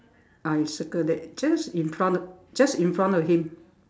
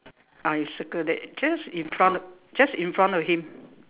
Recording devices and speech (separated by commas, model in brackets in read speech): standing microphone, telephone, conversation in separate rooms